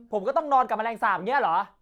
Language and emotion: Thai, angry